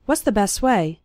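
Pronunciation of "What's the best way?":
'What's' is not said in full here; it sounds more like 'was'.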